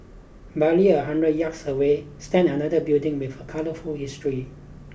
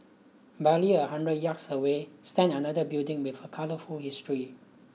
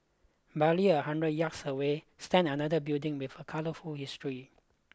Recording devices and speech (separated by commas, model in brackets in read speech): boundary microphone (BM630), mobile phone (iPhone 6), close-talking microphone (WH20), read sentence